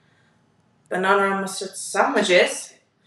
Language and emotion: English, neutral